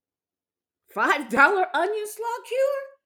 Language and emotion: English, surprised